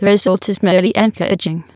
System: TTS, waveform concatenation